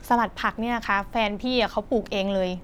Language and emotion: Thai, neutral